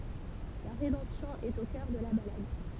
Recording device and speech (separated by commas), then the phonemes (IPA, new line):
temple vibration pickup, read sentence
la ʁedɑ̃psjɔ̃ ɛt o kœʁ də la balad